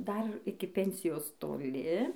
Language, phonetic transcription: Lithuanian, ˈdar ˈiki ˈpensijos toˈli

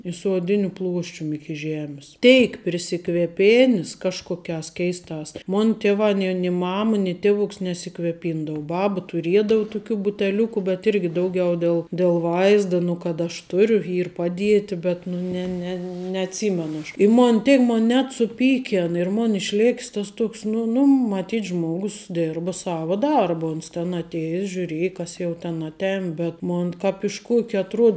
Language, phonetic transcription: Lithuanian, i su oˈdiniu ˈpluoščium ˈiki ˈžemis ˈtėik prisikveˈpėnis ˈkažkokiās keisˈtās ˈmon tieˈvā ni ni ˈmama ni ˈtievuks nesikveˈpindau ˈbaba tuˈriedau tuˈkių buteˈliuku bet ˈirgi ˈdauˌgiau ˈdėl del ˈvaizda nu kad aš ˈturiu ˈyr ˈpaˌdieti ˈbet nu ˈne ne neaˈtsymenu aš i ˈmon ˈtėk ˈmon net suˈpykėn ir mon išˈlėk's ˈtas ˈtuoks nu nu maˈtyt' ˈžmogus ˈdirbo ˈsavo ˈdarbu uns ten atˈėjes žiuˈrėji ˈkas jau ten atˈēn bet ˈmon kāp iš ˈkuok' atˈruod

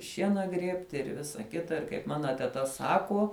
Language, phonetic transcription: Lithuanian, ˈšiena ˈgriebti ir ˈvisa ˈkita ir kaip ˈmana teta ˈsakuo

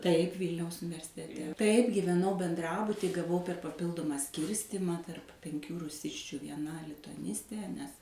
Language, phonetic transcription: Lithuanian, taip ˈvylniaus universiteˈte taip gyveˈnau benˈdrabutij gaˈvau per paˈpildumą ˈskyrstimą tarp penˈkių ruˈsisčiu vieˈna lituaˈnistė nes

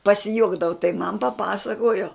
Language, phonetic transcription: Lithuanian, pasiˈjuokdavo tai man paˈpasakojo

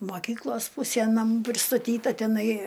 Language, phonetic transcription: Lithuanian, moˈkyklos ˈpusie naˈmų pristaˈtyta teˈnai

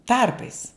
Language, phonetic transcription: Lithuanian, ˈtarpais

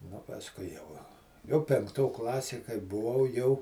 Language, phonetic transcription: Lithuanian, nu pasˈkui jau jau penkˈto ˈklasė kai buˈvau jau

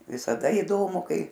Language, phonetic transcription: Lithuanian, visaˈda įˈdomu ˈkai

